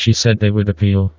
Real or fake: fake